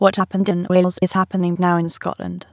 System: TTS, waveform concatenation